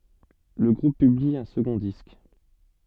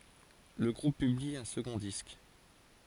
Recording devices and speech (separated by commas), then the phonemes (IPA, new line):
soft in-ear microphone, forehead accelerometer, read sentence
lə ɡʁup pybli œ̃ səɡɔ̃ disk